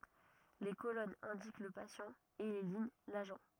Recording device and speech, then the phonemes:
rigid in-ear microphone, read sentence
le kolɔnz ɛ̃dik lə pasjɑ̃ e le liɲ laʒɑ̃

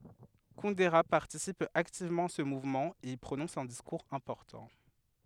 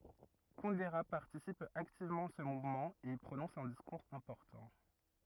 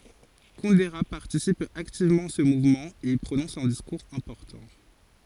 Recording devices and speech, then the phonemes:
headset microphone, rigid in-ear microphone, forehead accelerometer, read sentence
kundɛʁə paʁtisip aktivmɑ̃ a sə muvmɑ̃ e i pʁonɔ̃s œ̃ diskuʁz ɛ̃pɔʁtɑ̃

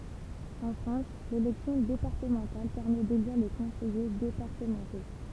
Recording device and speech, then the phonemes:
temple vibration pickup, read sentence
ɑ̃ fʁɑ̃s lelɛksjɔ̃ depaʁtəmɑ̃tal pɛʁmɛ deliʁ le kɔ̃sɛje depaʁtəmɑ̃to

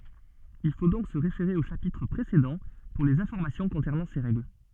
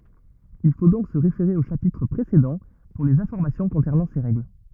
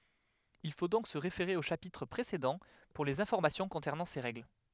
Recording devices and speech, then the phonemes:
soft in-ear microphone, rigid in-ear microphone, headset microphone, read sentence
il fo dɔ̃k sə ʁefeʁe o ʃapitʁ pʁesedɑ̃ puʁ lez ɛ̃fɔʁmasjɔ̃ kɔ̃sɛʁnɑ̃ se ʁɛɡl

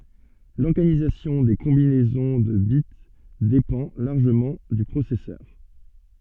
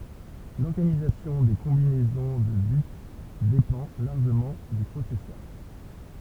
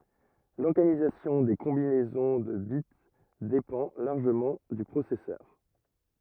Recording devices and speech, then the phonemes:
soft in-ear microphone, temple vibration pickup, rigid in-ear microphone, read sentence
lɔʁɡanizasjɔ̃ de kɔ̃binɛzɔ̃ də bit depɑ̃ laʁʒəmɑ̃ dy pʁosɛsœʁ

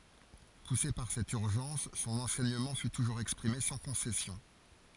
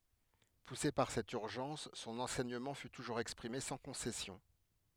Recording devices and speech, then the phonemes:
forehead accelerometer, headset microphone, read sentence
puse paʁ sɛt yʁʒɑ̃s sɔ̃n ɑ̃sɛɲəmɑ̃ fy tuʒuʁz ɛkspʁime sɑ̃ kɔ̃sɛsjɔ̃

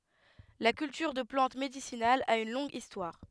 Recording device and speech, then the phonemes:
headset microphone, read sentence
la kyltyʁ də plɑ̃t medisinalz a yn lɔ̃ɡ istwaʁ

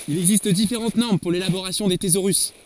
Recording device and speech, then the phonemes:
forehead accelerometer, read sentence
il ɛɡzist difeʁɑ̃t nɔʁm puʁ lelaboʁasjɔ̃ de tezoʁys

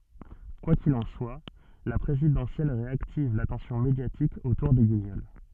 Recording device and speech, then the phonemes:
soft in-ear microphone, read sentence
kwa kil ɑ̃ swa la pʁezidɑ̃sjɛl ʁeaktiv latɑ̃sjɔ̃ medjatik otuʁ de ɡiɲɔl

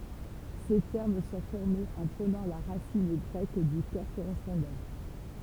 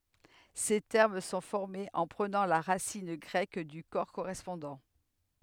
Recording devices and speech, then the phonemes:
temple vibration pickup, headset microphone, read sentence
se tɛʁm sɔ̃ fɔʁmez ɑ̃ pʁənɑ̃ la ʁasin ɡʁɛk dy kɔʁ koʁɛspɔ̃dɑ̃

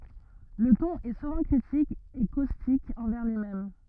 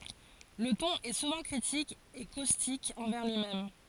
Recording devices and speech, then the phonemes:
rigid in-ear microphone, forehead accelerometer, read sentence
lə tɔ̃n ɛ suvɑ̃ kʁitik e kostik ɑ̃vɛʁ lyimɛm

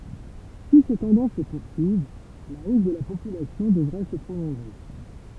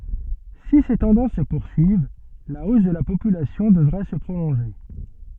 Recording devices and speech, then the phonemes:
temple vibration pickup, soft in-ear microphone, read sentence
si se tɑ̃dɑ̃s sə puʁsyiv la os də la popylasjɔ̃ dəvʁɛ sə pʁolɔ̃ʒe

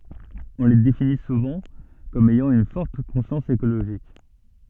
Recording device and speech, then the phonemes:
soft in-ear microphone, read sentence
ɔ̃ le defini suvɑ̃ kɔm ɛjɑ̃ yn fɔʁt kɔ̃sjɑ̃s ekoloʒik

